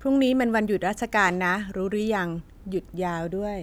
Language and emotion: Thai, neutral